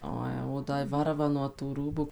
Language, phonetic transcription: Lithuanian, ˈo jau o ˈda i ˈvarva nuo tų ˈrūbu

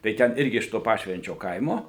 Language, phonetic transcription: Lithuanian, tai ˈten ˈirgi iš to ˈpašvenčio ˈkaimo

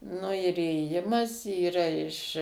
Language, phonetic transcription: Lithuanian, nu ir įėˈjimas yˈra iš

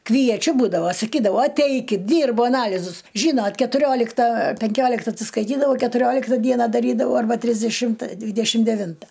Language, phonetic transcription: Lithuanian, kvieˈčiu ˈbūdavo saˈkydau aˈteikit ˈdyrbu aˈnalizus ˈžynot ketuˈriolikta penˈkiolikta atsiskaiˈtydavau ketuˈriolikta ˈdiena daˈrydavau arˈba trisdeˈšimta ˈdvydešim deˈvinta

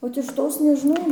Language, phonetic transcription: Lithuanian, ot iš ˈtos nežiˈnau

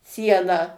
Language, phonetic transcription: Lithuanian, ˈsieną

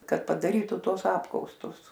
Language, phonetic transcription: Lithuanian, ˈkad padaˈrytu ˈtuos ˈapkaustus

